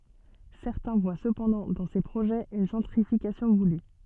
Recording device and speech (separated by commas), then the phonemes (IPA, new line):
soft in-ear microphone, read sentence
sɛʁtɛ̃ vwa səpɑ̃dɑ̃ dɑ̃ se pʁoʒɛz yn ʒɑ̃tʁifikasjɔ̃ vuly